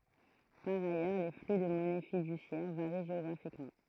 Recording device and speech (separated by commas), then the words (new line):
throat microphone, read sentence
Par ailleurs, les flux de monnaie fiduciaire varient géographiquement.